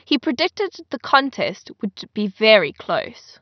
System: none